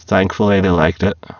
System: VC, spectral filtering